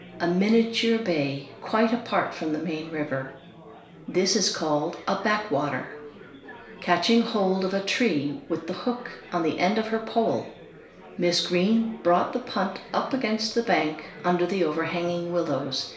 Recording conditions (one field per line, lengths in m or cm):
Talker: one person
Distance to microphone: 1.0 m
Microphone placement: close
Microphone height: 1.1 m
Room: small (3.7 m by 2.7 m)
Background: babble